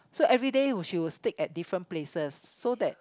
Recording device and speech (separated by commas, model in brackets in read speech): close-talking microphone, conversation in the same room